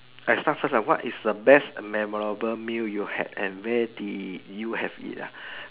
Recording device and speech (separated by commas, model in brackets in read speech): telephone, conversation in separate rooms